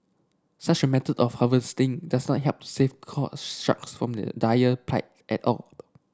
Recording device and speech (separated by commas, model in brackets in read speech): standing microphone (AKG C214), read sentence